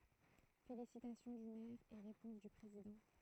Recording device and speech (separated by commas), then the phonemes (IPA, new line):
throat microphone, read sentence
felisitasjɔ̃ dy mɛʁ e ʁepɔ̃s dy pʁezidɑ̃